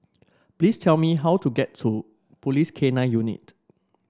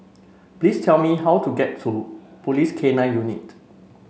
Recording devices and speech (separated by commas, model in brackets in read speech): standing microphone (AKG C214), mobile phone (Samsung C5), read sentence